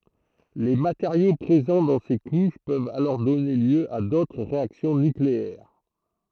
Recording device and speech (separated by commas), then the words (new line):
throat microphone, read sentence
Les matériaux présents dans ces couches peuvent alors donner lieu à d'autres réactions nucléaires.